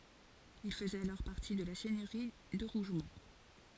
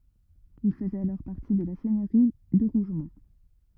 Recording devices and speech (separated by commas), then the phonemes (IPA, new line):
forehead accelerometer, rigid in-ear microphone, read sentence
il fəzɛt alɔʁ paʁti də la sɛɲøʁi də ʁuʒmɔ̃